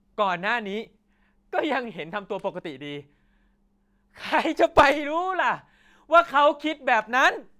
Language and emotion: Thai, happy